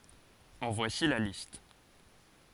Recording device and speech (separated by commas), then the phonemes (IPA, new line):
forehead accelerometer, read sentence
ɑ̃ vwasi la list